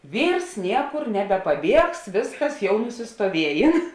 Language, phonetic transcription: Lithuanian, ˈvyrs ˈniekur nebepaˈbiegs ˈvėsˌkas jau nusistoˈviejėn

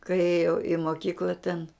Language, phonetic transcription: Lithuanian, kai ˈėjau i moˈkykla ten

